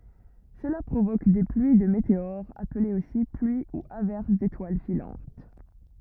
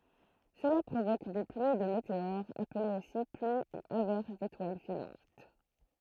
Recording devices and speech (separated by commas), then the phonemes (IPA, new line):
rigid in-ear microphone, throat microphone, read sentence
səla pʁovok de plyi də meteoʁz aplez osi plyi u avɛʁs detwal filɑ̃t